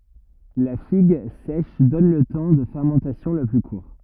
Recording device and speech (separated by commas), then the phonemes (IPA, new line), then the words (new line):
rigid in-ear microphone, read sentence
la fiɡ sɛʃ dɔn lə tɑ̃ də fɛʁmɑ̃tasjɔ̃ lə ply kuʁ
La figue sèche donne le temps de fermentation le plus court.